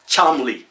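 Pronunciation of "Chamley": The family name spelled 'Cholmondeley' is pronounced correctly here, simply as 'Chamley'.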